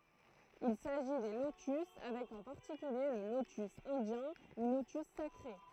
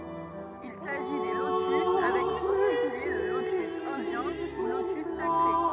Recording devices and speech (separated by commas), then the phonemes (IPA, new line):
throat microphone, rigid in-ear microphone, read sentence
il saʒi de lotys avɛk ɑ̃ paʁtikylje lə lotys ɛ̃djɛ̃ u lotys sakʁe